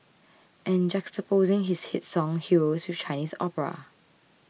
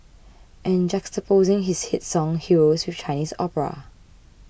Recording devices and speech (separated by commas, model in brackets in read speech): mobile phone (iPhone 6), boundary microphone (BM630), read sentence